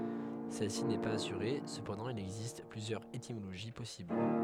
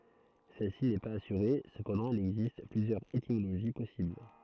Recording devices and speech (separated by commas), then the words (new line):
headset microphone, throat microphone, read sentence
Celle-ci n'est pas assurée, cependant il existe plusieurs étymologies possibles.